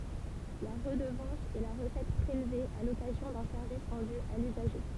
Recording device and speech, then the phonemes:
temple vibration pickup, read sentence
la ʁədəvɑ̃s ɛ la ʁəsɛt pʁelve a lɔkazjɔ̃ dœ̃ sɛʁvis ʁɑ̃dy a lyzaʒe

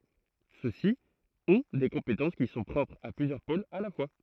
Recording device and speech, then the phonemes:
throat microphone, read sentence
søksi ɔ̃ de kɔ̃petɑ̃s ki sɔ̃ pʁɔpʁz a plyzjœʁ polz a la fwa

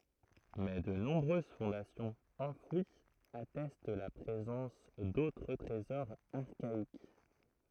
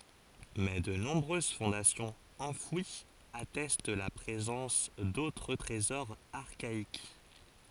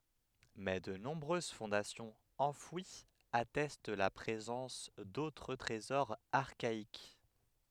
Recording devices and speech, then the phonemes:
throat microphone, forehead accelerometer, headset microphone, read sentence
mɛ də nɔ̃bʁøz fɔ̃dasjɔ̃z ɑ̃fwiz atɛst la pʁezɑ̃s dotʁ tʁezɔʁz aʁkaik

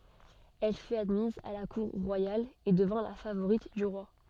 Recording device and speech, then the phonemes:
soft in-ear microphone, read sentence
ɛl fyt admiz a la kuʁ ʁwajal e dəvɛ̃ la favoʁit dy ʁwa

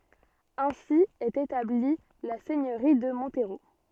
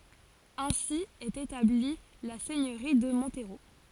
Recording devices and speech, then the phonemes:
soft in-ear microphone, forehead accelerometer, read sentence
ɛ̃si ɛt etabli la sɛɲøʁi də mɔ̃tʁo

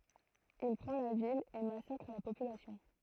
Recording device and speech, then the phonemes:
throat microphone, read sentence
il pʁɑ̃ la vil e masakʁ la popylasjɔ̃

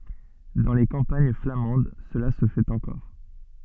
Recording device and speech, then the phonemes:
soft in-ear microphone, read sentence
dɑ̃ le kɑ̃paɲ flamɑ̃d səla sə fɛt ɑ̃kɔʁ

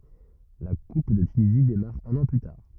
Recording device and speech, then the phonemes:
rigid in-ear microphone, read sentence
la kup də tynizi demaʁ œ̃n ɑ̃ ply taʁ

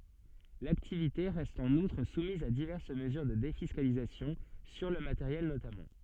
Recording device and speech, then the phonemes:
soft in-ear microphone, read sentence
laktivite ʁɛst ɑ̃n utʁ sumiz a divɛʁs məzyʁ də defiskalizasjɔ̃ syʁ lə mateʁjɛl notamɑ̃

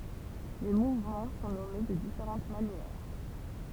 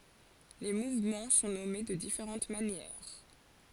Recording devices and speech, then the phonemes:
temple vibration pickup, forehead accelerometer, read sentence
le muvmɑ̃ sɔ̃ nɔme də difeʁɑ̃t manjɛʁ

